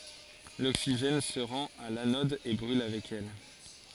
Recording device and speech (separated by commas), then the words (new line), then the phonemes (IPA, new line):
forehead accelerometer, read sentence
L'oxygène se rend à l'anode et brûle avec elle.
loksiʒɛn sə ʁɑ̃t a lanɔd e bʁyl avɛk ɛl